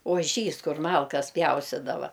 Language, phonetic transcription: Lithuanian, oˈžys ˈkur ˈmalkas ˈpjaustidava

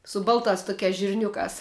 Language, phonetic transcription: Lithuanian, su ˈbaltās ˈtukiās žirˈniukās

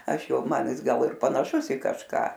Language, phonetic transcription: Lithuanian, aš ˈjau ˈman ˈjis ˈgal ir panaˈšus i kažˈką

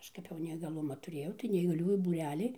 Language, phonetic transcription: Lithuanian, ˈaš kap jau neįgaˈlumą tuˈrėjau tai neįgaˈliųjų būˈrelį

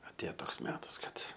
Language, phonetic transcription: Lithuanian, atˈėjo ˈtoks ˈmetas ˈkad

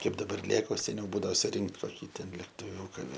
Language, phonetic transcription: Lithuanian, ˈkaip daˈbar ˈlėk o seˈniau ˈbūdao suˈrinkt koˈkį ten lektuˈviūką

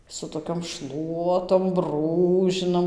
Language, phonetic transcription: Lithuanian, su toˈkiom ˈšluotom ˈbrūžinam

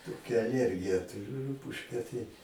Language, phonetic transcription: Lithuanian, toˈkia aˈliergija tuˈriu ˈrupužke tai

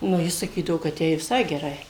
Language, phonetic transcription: Lithuanian, nu ˈji saˈkydavo kad ˈjai viˈsai geˈrai

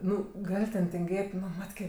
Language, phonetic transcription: Lithuanian, ˈnu ˈgal' ten tinˈgėt' ˈnu ˈmatkė

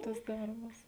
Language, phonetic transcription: Lithuanian, tas ˈdarbas

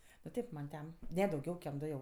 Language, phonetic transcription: Lithuanian, nu ˈtėp man ˈten ˈne dauˈgiau kem ˈdu jau

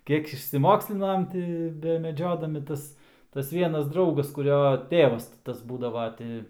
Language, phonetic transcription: Lithuanian, ˈkiek išsiˈmokslinam ˈti bemeˈdžiodami ˈtas tas ˈvienas ˈdraugas kuˈrio ˈtėvas ti ˈtas ˈbūdava ˈti

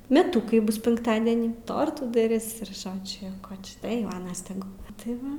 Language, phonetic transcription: Lithuanian, meˈtukai ˈbus ˈpinktadenį ˈtortų daˈris ir ˈžodžiu jau ˈko čia tai ˈjau ˈanas teˈgu tai ˈva

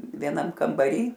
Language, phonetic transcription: Lithuanian, vieˈnam kambaˈry

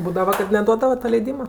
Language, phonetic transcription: Lithuanian, ˈbūdava kad neˈduodava ta leiˈdyma

